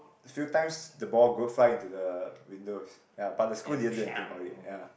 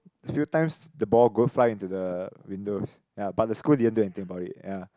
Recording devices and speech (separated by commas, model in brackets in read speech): boundary microphone, close-talking microphone, conversation in the same room